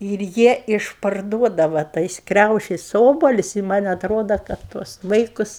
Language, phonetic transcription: Lithuanian, ir ˈjie išparˈduodava ˈtais ˈkriaušis ˈobalius' i man' atˈroda ˈkad tuos ˈvaikus

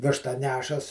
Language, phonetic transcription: Lithuanian, ˈvištą ˈnešas

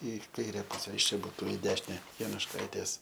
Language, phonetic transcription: Lithuanian, i ˈkaire ˈpuse iš ˈčia ˈbūtu i ˈdešine janušˈkaitės

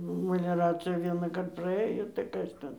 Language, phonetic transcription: Lithuanian, məleˈracija vienąˈkart praˈɘjo tai ˈkas ten

